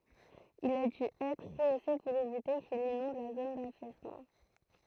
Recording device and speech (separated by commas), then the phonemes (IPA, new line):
throat microphone, read sentence
il a dy ɛtʁ ʁəose puʁ evite kil inɔ̃d la zon dafɛsmɑ̃